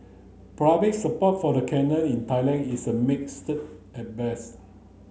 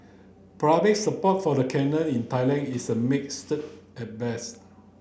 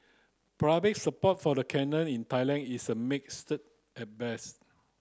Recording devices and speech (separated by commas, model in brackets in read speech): mobile phone (Samsung C9), boundary microphone (BM630), close-talking microphone (WH30), read sentence